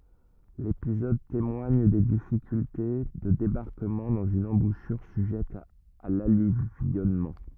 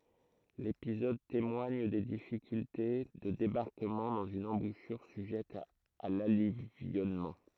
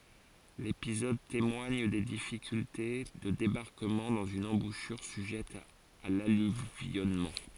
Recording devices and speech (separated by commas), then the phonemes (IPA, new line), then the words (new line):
rigid in-ear microphone, throat microphone, forehead accelerometer, read sentence
lepizɔd temwaɲ de difikylte də debaʁkəmɑ̃ dɑ̃z yn ɑ̃buʃyʁ syʒɛt a lalyvjɔnmɑ̃
L'épisode témoigne des difficultés de débarquement dans une embouchure sujette à l'alluvionnement.